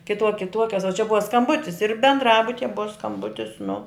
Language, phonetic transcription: Lithuanian, kiˈtuo kiˈtuokias o čia ˈbuva skamˈbutis ir bendˈrabutije ˈbuva skamˈbutis nu

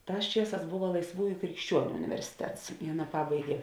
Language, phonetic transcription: Lithuanian, ˈtās ˈčieˌsās ˈbova laisˈvųju krikšˈčiuoniu universiˈtets i ˈaˌna ˈpabaigė

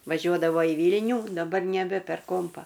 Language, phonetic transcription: Lithuanian, vaˈžiuodavo į ˈvylnių daˈbar neˈbe per ˈkompa

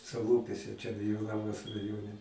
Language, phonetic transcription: Lithuanian, saˈlūpiuose ˈčia gi jo ˈnamas raˈjone

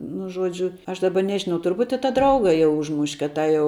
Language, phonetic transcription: Lithuanian, nu ˈžuodžiu aš ˈdaba ˈnežinau turˈbūt' i tą ˈdrauga jau ˈužmuš' kad ˈtą jau

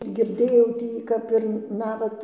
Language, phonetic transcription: Lithuanian, girˈdėjau ˈtį ˈkap ir ˈnavat

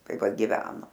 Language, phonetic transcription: Lithuanian, ˈtai ˈva giˈveno

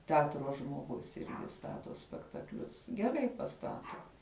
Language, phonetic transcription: Lithuanian, teˈatro žmoˈgus ˈirgi ˈstato spektakˈlius geˈrai paˈstato

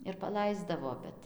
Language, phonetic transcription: Lithuanian, ir paˈlaisdavo ˈbet

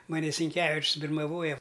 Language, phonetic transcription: Lithuanian, maˈni sinˈkevičs' birmaˈvoja

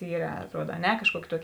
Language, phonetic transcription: Lithuanian, ˈyra atˈruod a ˈne kažˈkuoki ˈtuoki

